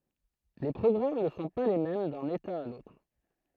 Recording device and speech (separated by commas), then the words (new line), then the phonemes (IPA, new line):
throat microphone, read sentence
Les programmes ne sont pas les mêmes d'un état à l'autre.
le pʁɔɡʁam nə sɔ̃ pa le mɛm dœ̃n eta a lotʁ